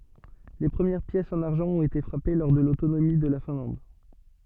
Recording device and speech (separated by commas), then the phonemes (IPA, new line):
soft in-ear microphone, read sentence
le pʁəmjɛʁ pjɛsz ɑ̃n aʁʒɑ̃ ɔ̃t ete fʁape lɔʁ də lotonomi də la fɛ̃lɑ̃d